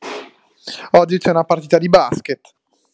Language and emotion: Italian, angry